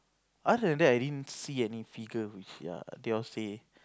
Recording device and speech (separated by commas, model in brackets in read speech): close-talking microphone, conversation in the same room